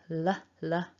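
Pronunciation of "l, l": A light L is said twice, the L sound as in the word 'like'.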